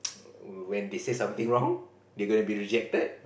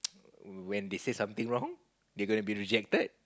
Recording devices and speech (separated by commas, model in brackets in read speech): boundary microphone, close-talking microphone, conversation in the same room